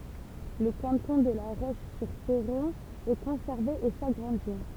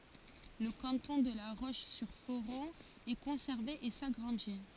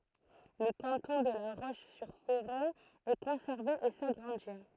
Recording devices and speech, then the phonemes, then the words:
temple vibration pickup, forehead accelerometer, throat microphone, read sentence
lə kɑ̃tɔ̃ də la ʁoʃzyʁfoʁɔ̃ ɛ kɔ̃sɛʁve e saɡʁɑ̃di
Le canton de La Roche-sur-Foron est conservé et s'agrandit.

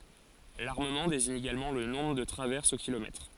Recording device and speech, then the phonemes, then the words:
forehead accelerometer, read sentence
laʁməmɑ̃ deziɲ eɡalmɑ̃ lə nɔ̃bʁ də tʁavɛʁsz o kilomɛtʁ
L'armement désigne également le nombre de traverses au kilomètre.

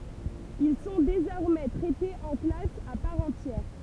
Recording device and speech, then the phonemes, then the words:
temple vibration pickup, read sentence
il sɔ̃ dezɔʁmɛ tʁɛtez ɑ̃ klas a paʁ ɑ̃tjɛʁ
Ils sont désormais traités en classe à part entière.

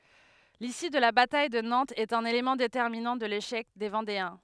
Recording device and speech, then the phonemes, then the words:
headset microphone, read sentence
lisy də la bataj də nɑ̃tz ɛt œ̃n elemɑ̃ detɛʁminɑ̃ də leʃɛk de vɑ̃deɛ̃
L'issue de la bataille de Nantes est un élément déterminant de l'échec des Vendéens.

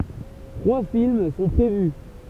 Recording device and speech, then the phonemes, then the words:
temple vibration pickup, read sentence
tʁwa film sɔ̃ pʁevy
Trois films sont prévus.

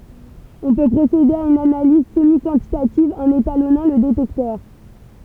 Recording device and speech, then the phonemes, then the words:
temple vibration pickup, read sentence
ɔ̃ pø pʁosede a yn analiz səmikɑ̃titativ ɑ̃n etalɔnɑ̃ lə detɛktœʁ
On peut procéder à une analyse semi-quantitative en étalonnant le détecteur.

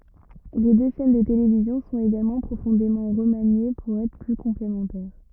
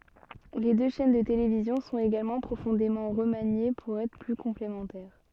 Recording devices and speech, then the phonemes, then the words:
rigid in-ear microphone, soft in-ear microphone, read sentence
le dø ʃɛn də televizjɔ̃ sɔ̃t eɡalmɑ̃ pʁofɔ̃demɑ̃ ʁəmanje puʁ ɛtʁ ply kɔ̃plemɑ̃tɛʁ
Les deux chaînes de télévision sont également profondément remaniés pour être plus complémentaires.

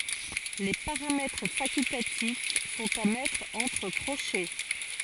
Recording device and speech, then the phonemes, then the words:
forehead accelerometer, read sentence
le paʁamɛtʁ fakyltatif sɔ̃t a mɛtʁ ɑ̃tʁ kʁoʃɛ
Les paramètres facultatifs sont à mettre entre crochets.

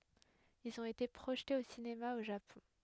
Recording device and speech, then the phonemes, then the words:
headset microphone, read sentence
ilz ɔ̃t ete pʁoʒtez o sinema o ʒapɔ̃
Ils ont été projetés au cinéma au Japon.

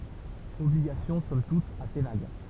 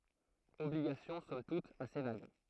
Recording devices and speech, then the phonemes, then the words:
temple vibration pickup, throat microphone, read sentence
ɔbliɡasjɔ̃ sɔm tut ase vaɡ
Obligations somme toute assez vagues.

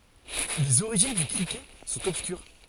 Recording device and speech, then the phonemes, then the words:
forehead accelerometer, read sentence
lez oʁiʒin dy kʁikɛt sɔ̃t ɔbskyʁ
Les origines du cricket sont obscures.

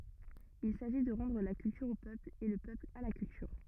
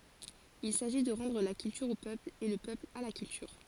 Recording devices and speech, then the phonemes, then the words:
rigid in-ear microphone, forehead accelerometer, read sentence
il saʒi də ʁɑ̃dʁ la kyltyʁ o pøpl e lə pøpl a la kyltyʁ
Il s’agit de “rendre la culture au peuple et le peuple à la culture”.

